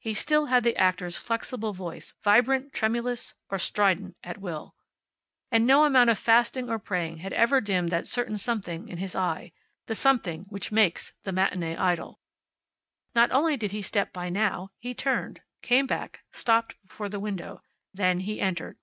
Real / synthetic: real